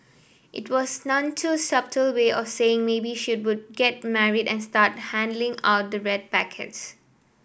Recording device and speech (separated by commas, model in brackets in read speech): boundary microphone (BM630), read sentence